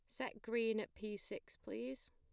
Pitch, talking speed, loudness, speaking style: 235 Hz, 190 wpm, -44 LUFS, plain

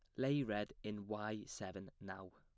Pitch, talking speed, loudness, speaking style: 105 Hz, 170 wpm, -44 LUFS, plain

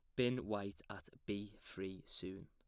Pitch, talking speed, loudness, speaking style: 105 Hz, 160 wpm, -44 LUFS, plain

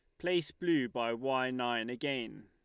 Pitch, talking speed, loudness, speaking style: 130 Hz, 160 wpm, -34 LUFS, Lombard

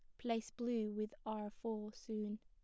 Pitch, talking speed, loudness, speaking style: 215 Hz, 160 wpm, -43 LUFS, plain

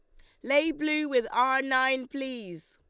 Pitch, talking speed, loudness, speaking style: 265 Hz, 160 wpm, -27 LUFS, Lombard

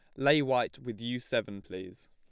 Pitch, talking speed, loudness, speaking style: 120 Hz, 190 wpm, -31 LUFS, plain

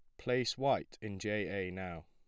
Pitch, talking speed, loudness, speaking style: 105 Hz, 190 wpm, -37 LUFS, plain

